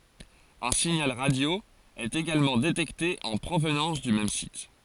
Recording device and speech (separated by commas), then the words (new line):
forehead accelerometer, read sentence
Un signal radio est également détecté en provenance du même site.